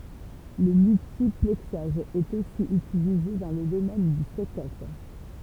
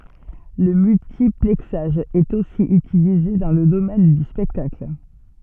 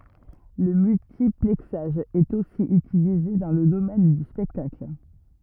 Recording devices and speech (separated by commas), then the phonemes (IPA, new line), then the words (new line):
temple vibration pickup, soft in-ear microphone, rigid in-ear microphone, read sentence
lə myltiplɛksaʒ ɛt osi ytilize dɑ̃ lə domɛn dy spɛktakl
Le multiplexage est aussi utilisé dans le domaine du spectacle.